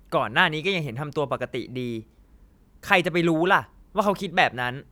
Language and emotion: Thai, frustrated